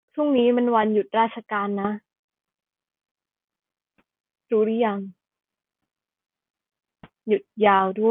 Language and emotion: Thai, sad